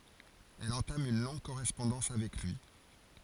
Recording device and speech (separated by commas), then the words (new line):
forehead accelerometer, read sentence
Elle entame une longue correspondance avec lui.